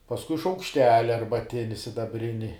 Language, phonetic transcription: Lithuanian, pasˈkui šaukšˈteli arbaˈtini sidaˈbrini

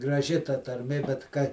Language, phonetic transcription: Lithuanian, graˈži ta tarˈmė bet ˈka

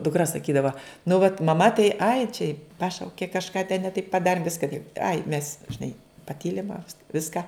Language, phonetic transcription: Lithuanian, dukˈra saˈkydava nu vat maˈma tai ai čia ˈpašaukė kažˈką ten ne taip paˈdarim ˈviska taip ai mes žiˈnai paˈtylim a ˈviska

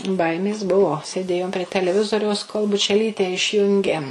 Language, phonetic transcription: Lithuanian, ˈbaimės ˈbuo sėˈdėjom prie teleˈvizoriaus kol bučeˈlyte išˈjungė

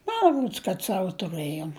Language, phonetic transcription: Lithuanian, ˈma ˈrods kad ˈsavo tuˈrɘjom

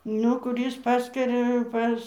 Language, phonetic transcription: Lithuanian, ˈnu kuˈrys ˈpaskaria ˈpas

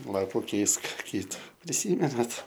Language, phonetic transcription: Lithuanian, ˈlapu ˈkeisk ˈkytu priˈsymenat

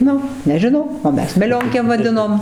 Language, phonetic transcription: Lithuanian, ˈnu nežiˈnau o ˈmes meˈlionkėm vaˈdinom

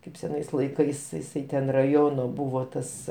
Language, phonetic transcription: Lithuanian, ˈkaip seˈnais laiˈkais jiˈsai ten raˈjono ˈbuvo ˈtas

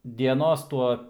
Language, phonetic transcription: Lithuanian, dieˈnos ˈtuo

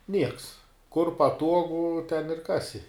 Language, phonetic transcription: Lithuanian, ˈnieks kur paˈtuogu ten ir ˈkasi

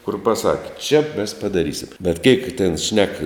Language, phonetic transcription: Lithuanian, kur paˈsaki čia mes padaˈrysim bet keik ten šnek

